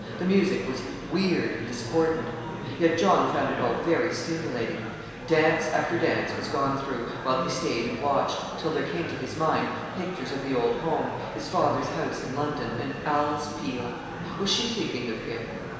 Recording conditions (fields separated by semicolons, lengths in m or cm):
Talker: one person; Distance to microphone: 1.7 m; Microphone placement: close; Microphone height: 1.0 m; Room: very reverberant, large; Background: babble